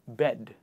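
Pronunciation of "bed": This is an incorrect way of saying 'bad': it comes out as 'bed', without the ah sound.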